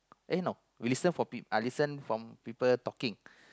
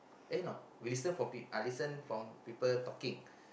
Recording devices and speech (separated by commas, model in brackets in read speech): close-talking microphone, boundary microphone, conversation in the same room